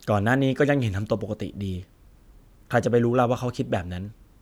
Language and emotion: Thai, neutral